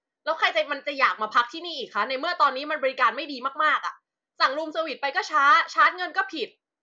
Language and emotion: Thai, angry